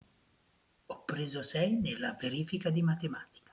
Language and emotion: Italian, neutral